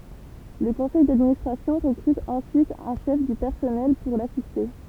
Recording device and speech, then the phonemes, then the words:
temple vibration pickup, read sentence
lə kɔ̃sɛj dadministʁasjɔ̃ ʁəkʁyt ɑ̃syit œ̃ ʃɛf dy pɛʁsɔnɛl puʁ lasiste
Le conseil d'administration recrute ensuite un chef du personnel pour l’assister.

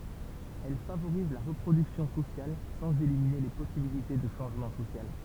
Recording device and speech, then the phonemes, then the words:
temple vibration pickup, read sentence
ɛl favoʁiz la ʁəpʁodyksjɔ̃ sosjal sɑ̃z elimine le pɔsibilite də ʃɑ̃ʒmɑ̃ sosjal
Elle favorise la reproduction sociale sans éliminer les possibilités de changement social.

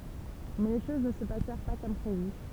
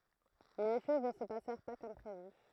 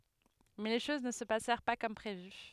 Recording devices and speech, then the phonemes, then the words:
temple vibration pickup, throat microphone, headset microphone, read sentence
mɛ le ʃoz nə sə pasɛʁ pa kɔm pʁevy
Mais les choses ne se passèrent pas comme prévu.

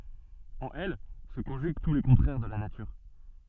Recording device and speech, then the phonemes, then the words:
soft in-ear microphone, read sentence
ɑ̃n ɛl sə kɔ̃ʒyɡ tu le kɔ̃tʁɛʁ də la natyʁ
En elle se conjuguent tous les contraires de la nature.

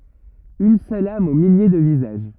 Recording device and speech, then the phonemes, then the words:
rigid in-ear microphone, read sentence
yn sœl am o milje də vizaʒ
Une seule âme aux milliers de visages.

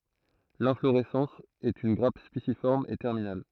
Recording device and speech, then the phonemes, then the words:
throat microphone, read sentence
lɛ̃floʁɛsɑ̃s ɛt yn ɡʁap spisifɔʁm e tɛʁminal
L'inflorescence est une grappe spiciforme et terminale.

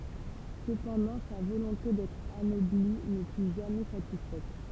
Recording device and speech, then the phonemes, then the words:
temple vibration pickup, read sentence
səpɑ̃dɑ̃ sa volɔ̃te dɛtʁ anɔbli nə fy ʒamɛ satisfɛt
Cependant, sa volonté d'être anobli ne fut jamais satisfaite.

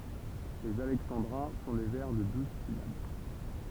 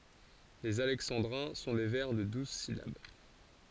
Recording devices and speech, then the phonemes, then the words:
temple vibration pickup, forehead accelerometer, read sentence
lez alɛksɑ̃dʁɛ̃ sɔ̃ de vɛʁ də duz silab
Les alexandrins sont des vers de douze syllabes.

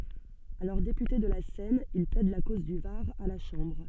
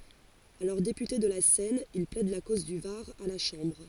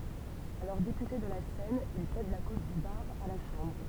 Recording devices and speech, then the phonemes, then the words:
soft in-ear microphone, forehead accelerometer, temple vibration pickup, read sentence
alɔʁ depyte də la sɛn il plɛd la koz dy vaʁ a la ʃɑ̃bʁ
Alors député de la Seine, il plaide la cause du Var à la Chambre.

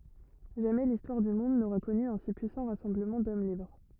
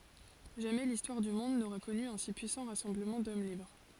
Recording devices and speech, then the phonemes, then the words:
rigid in-ear microphone, forehead accelerometer, read sentence
ʒamɛ listwaʁ dy mɔ̃d noʁa kɔny œ̃ si pyisɑ̃ ʁasɑ̃bləmɑ̃ dɔm libʁ
Jamais l'histoire du monde n'aura connu un si puissant rassemblement d'hommes libres.

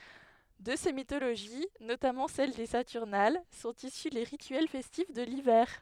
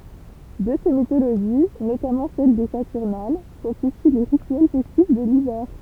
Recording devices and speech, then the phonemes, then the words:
headset microphone, temple vibration pickup, read sentence
də se mitoloʒi notamɑ̃ sɛl de satyʁnal sɔ̃t isy le ʁityɛl fɛstif də livɛʁ
De ces mythologies, notamment celles des Saturnales, sont issus les rituels festifs de l'hiver.

